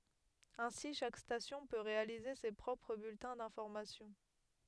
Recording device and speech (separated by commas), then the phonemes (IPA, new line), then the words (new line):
headset microphone, read sentence
ɛ̃si ʃak stasjɔ̃ pø ʁealize se pʁɔpʁ byltɛ̃ dɛ̃fɔʁmasjɔ̃
Ainsi chaque station peut réaliser ses propres bulletins d’information.